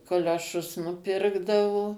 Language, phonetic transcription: Lithuanian, kolioˈšus nuˈpirkdavo

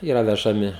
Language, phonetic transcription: Lithuanian, ˈyra vežaˈmi

